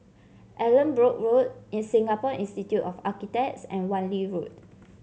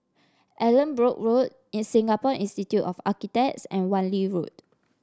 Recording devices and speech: mobile phone (Samsung C7), standing microphone (AKG C214), read sentence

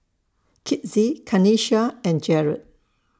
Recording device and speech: standing microphone (AKG C214), read sentence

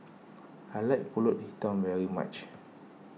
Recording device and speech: mobile phone (iPhone 6), read sentence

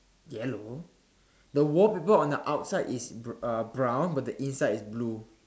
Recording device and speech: standing microphone, conversation in separate rooms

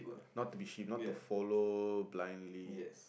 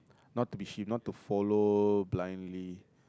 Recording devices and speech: boundary microphone, close-talking microphone, conversation in the same room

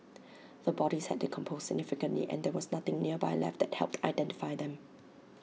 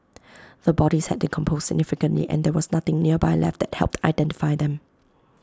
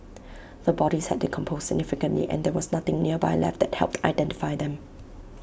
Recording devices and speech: mobile phone (iPhone 6), close-talking microphone (WH20), boundary microphone (BM630), read sentence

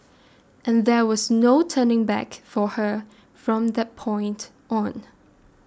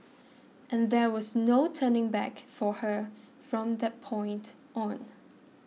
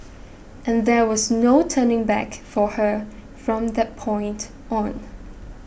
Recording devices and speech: standing microphone (AKG C214), mobile phone (iPhone 6), boundary microphone (BM630), read sentence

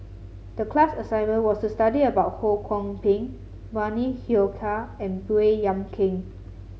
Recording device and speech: mobile phone (Samsung C7), read sentence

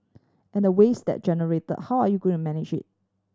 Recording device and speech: standing microphone (AKG C214), read sentence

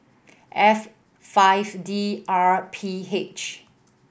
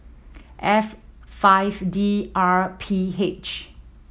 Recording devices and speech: boundary microphone (BM630), mobile phone (iPhone 7), read sentence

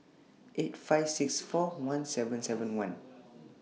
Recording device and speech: mobile phone (iPhone 6), read sentence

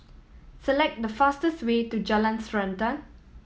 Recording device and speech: mobile phone (iPhone 7), read sentence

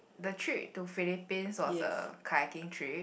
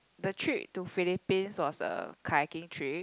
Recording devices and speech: boundary microphone, close-talking microphone, conversation in the same room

